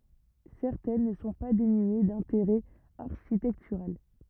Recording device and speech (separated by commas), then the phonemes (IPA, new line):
rigid in-ear microphone, read sentence
sɛʁtɛn nə sɔ̃ pa denye dɛ̃teʁɛ aʁʃitɛktyʁal